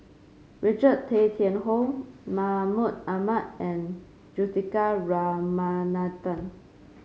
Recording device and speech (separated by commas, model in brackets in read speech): mobile phone (Samsung C5), read sentence